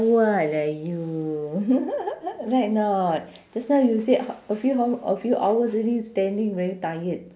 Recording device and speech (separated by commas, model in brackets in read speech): standing microphone, conversation in separate rooms